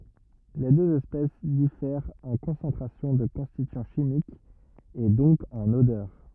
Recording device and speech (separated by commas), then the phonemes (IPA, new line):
rigid in-ear microphone, read sentence
le døz ɛspɛs difɛʁt ɑ̃ kɔ̃sɑ̃tʁasjɔ̃ də kɔ̃stityɑ̃ ʃimikz e dɔ̃k ɑ̃n odœʁ